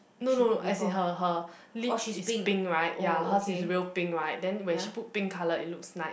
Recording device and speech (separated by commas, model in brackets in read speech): boundary microphone, conversation in the same room